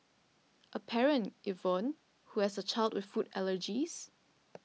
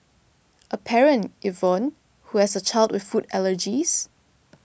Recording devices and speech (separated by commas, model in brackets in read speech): mobile phone (iPhone 6), boundary microphone (BM630), read sentence